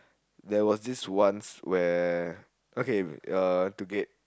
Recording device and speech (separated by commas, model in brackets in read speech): close-talking microphone, conversation in the same room